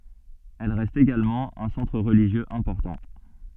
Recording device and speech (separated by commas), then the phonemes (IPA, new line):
soft in-ear microphone, read sentence
ɛl ʁɛst eɡalmɑ̃ œ̃ sɑ̃tʁ ʁəliʒjøz ɛ̃pɔʁtɑ̃